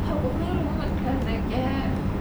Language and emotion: Thai, sad